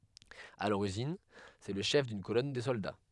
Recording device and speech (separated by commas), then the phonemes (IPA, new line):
headset microphone, read sentence
a loʁiʒin sɛ lə ʃɛf dyn kolɔn də sɔlda